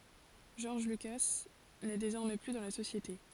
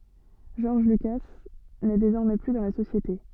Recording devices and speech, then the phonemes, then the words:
forehead accelerometer, soft in-ear microphone, read sentence
ʒɔʁʒ lyka nɛ dezɔʁmɛ ply dɑ̃ la sosjete
George Lucas n'est désormais plus dans la société.

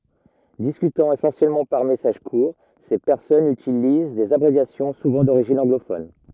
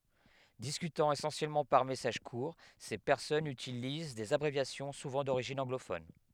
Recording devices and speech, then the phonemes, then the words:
rigid in-ear microphone, headset microphone, read sentence
diskytɑ̃ esɑ̃sjɛlmɑ̃ paʁ mɛsaʒ kuʁ se pɛʁsɔnz ytiliz dez abʁevjasjɔ̃ suvɑ̃ doʁiʒin ɑ̃ɡlofɔn
Discutant essentiellement par messages courts, ces personnes utilisent des abréviations, souvent d'origine anglophone.

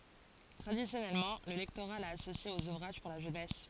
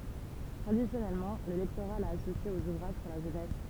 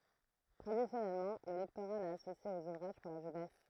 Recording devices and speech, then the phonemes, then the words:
forehead accelerometer, temple vibration pickup, throat microphone, read sentence
tʁadisjɔnɛlmɑ̃ lə lɛktoʁa la asosje oz uvʁaʒ puʁ la ʒønɛs
Traditionnellement, le lectorat l'a associé aux ouvrages pour la jeunesse.

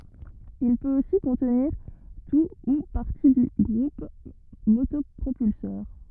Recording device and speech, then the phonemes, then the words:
rigid in-ear microphone, read sentence
il pøt osi kɔ̃tniʁ tu u paʁti dy ɡʁup motɔpʁopylsœʁ
Il peut aussi contenir tout ou partie du groupe motopropulseur.

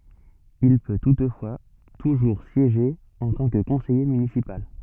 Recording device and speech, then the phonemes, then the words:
soft in-ear microphone, read sentence
il pø tutfwa tuʒuʁ sjeʒe ɑ̃ tɑ̃ kə kɔ̃sɛje mynisipal
Il peut toutefois toujours siéger en tant que conseiller municipal.

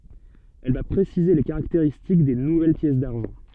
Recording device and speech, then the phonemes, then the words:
soft in-ear microphone, read sentence
ɛl va pʁesize le kaʁakteʁistik de nuvɛl pjɛs daʁʒɑ̃
Elle va préciser les caractéristiques des nouvelles pièces d'argent.

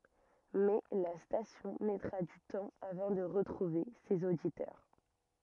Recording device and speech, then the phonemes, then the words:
rigid in-ear microphone, read sentence
mɛ la stasjɔ̃ mɛtʁa dy tɑ̃ avɑ̃ də ʁətʁuve sez oditœʁ
Mais la station mettra du temps avant de retrouver ses auditeurs.

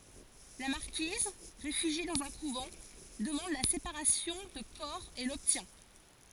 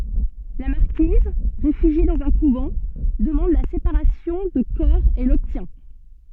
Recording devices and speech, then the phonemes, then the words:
forehead accelerometer, soft in-ear microphone, read sentence
la maʁkiz ʁefyʒje dɑ̃z œ̃ kuvɑ̃ dəmɑ̃d la sepaʁasjɔ̃ də kɔʁ e lɔbtjɛ̃
La marquise, réfugiée dans un couvent, demande la séparation de corps et l’obtient.

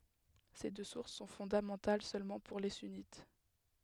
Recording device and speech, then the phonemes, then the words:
headset microphone, read sentence
se dø suʁs sɔ̃ fɔ̃damɑ̃tal sølmɑ̃ puʁ le synit
Ces deux sources sont fondamentales seulement pour les sunnites.

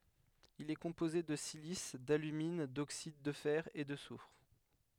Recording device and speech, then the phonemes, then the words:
headset microphone, read sentence
il ɛ kɔ̃poze də silis dalymin doksid də fɛʁ e də sufʁ
Il est composé de silice, d’alumine, d’oxydes de fer, et de soufre.

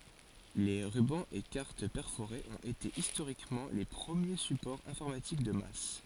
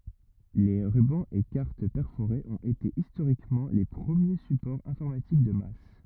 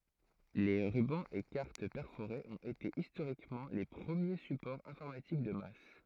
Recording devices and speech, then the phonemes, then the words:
forehead accelerometer, rigid in-ear microphone, throat microphone, read sentence
le ʁybɑ̃z e kaʁt pɛʁfoʁez ɔ̃t ete istoʁikmɑ̃ le pʁəmje sypɔʁz ɛ̃fɔʁmatik də mas
Les rubans et cartes perforées ont été historiquement les premiers supports informatiques de masse.

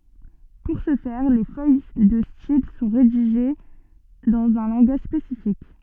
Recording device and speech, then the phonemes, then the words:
soft in-ear microphone, read sentence
puʁ sə fɛʁ le fœj də stil sɔ̃ ʁediʒe dɑ̃z œ̃ lɑ̃ɡaʒ spesifik
Pour ce faire, les feuilles de style sont rédigées dans un langage spécifique.

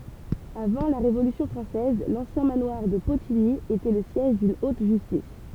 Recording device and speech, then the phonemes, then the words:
temple vibration pickup, read sentence
avɑ̃ la ʁevolysjɔ̃ fʁɑ̃sɛz lɑ̃sjɛ̃ manwaʁ də potiɲi etɛ lə sjɛʒ dyn ot ʒystis
Avant la Révolution française, l'ancien manoir de Potigny était le siège d'une haute justice.

